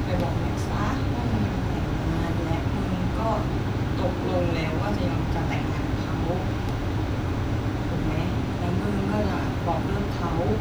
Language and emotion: Thai, frustrated